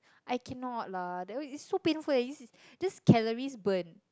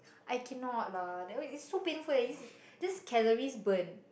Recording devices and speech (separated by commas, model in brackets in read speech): close-talking microphone, boundary microphone, conversation in the same room